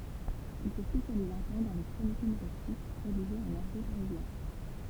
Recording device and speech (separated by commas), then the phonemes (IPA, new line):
temple vibration pickup, read sentence
il sə spesjaliz œ̃ tɑ̃ dɑ̃ le kʁonikz ymoʁistik ʁediʒez ɑ̃n aʁɡo paʁizjɛ̃